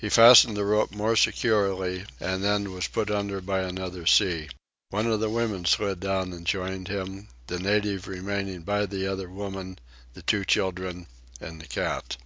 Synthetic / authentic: authentic